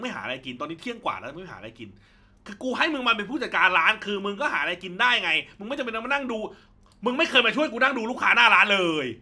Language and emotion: Thai, angry